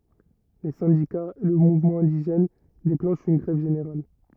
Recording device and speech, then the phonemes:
rigid in-ear microphone, read sentence
le sɛ̃dikaz e lə muvmɑ̃ ɛ̃diʒɛn deklɑ̃ʃt yn ɡʁɛv ʒeneʁal

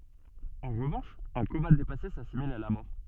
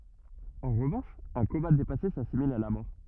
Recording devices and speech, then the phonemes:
soft in-ear microphone, rigid in-ear microphone, read sentence
ɑ̃ ʁəvɑ̃ʃ œ̃ koma depase sasimil a la mɔʁ

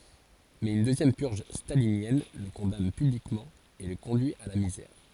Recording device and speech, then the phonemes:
forehead accelerometer, read sentence
mɛz yn døzjɛm pyʁʒ stalinjɛn lə kɔ̃dan pyblikmɑ̃ e lə kɔ̃dyi a la mizɛʁ

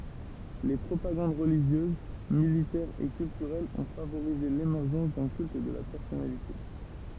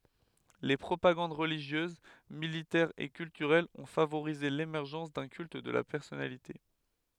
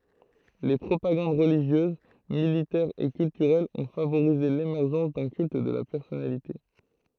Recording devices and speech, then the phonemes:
temple vibration pickup, headset microphone, throat microphone, read sentence
le pʁopaɡɑ̃d ʁəliʒjøz militɛʁ e kyltyʁɛl ɔ̃ favoʁize lemɛʁʒɑ̃s dœ̃ kylt də la pɛʁsɔnalite

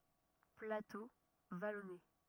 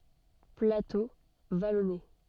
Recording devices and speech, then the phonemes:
rigid in-ear microphone, soft in-ear microphone, read sentence
plato valɔne

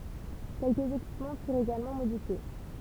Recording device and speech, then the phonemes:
temple vibration pickup, read sentence
kɛlkəz ekipmɑ̃ fyʁt eɡalmɑ̃ modifje

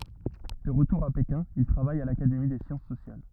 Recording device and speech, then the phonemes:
rigid in-ear microphone, read sentence
də ʁətuʁ a pekɛ̃ il tʁavaj a lakademi de sjɑ̃s sosjal

